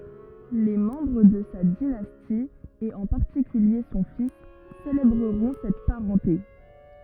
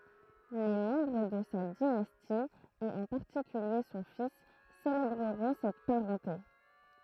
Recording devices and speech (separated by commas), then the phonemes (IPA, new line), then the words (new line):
rigid in-ear microphone, throat microphone, read sentence
le mɑ̃bʁ də sa dinasti e ɑ̃ paʁtikylje sɔ̃ fis selebʁəʁɔ̃ sɛt paʁɑ̃te
Les membres de sa dynastie et en particulier son fils célébreront cette parenté.